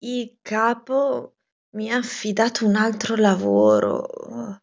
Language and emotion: Italian, disgusted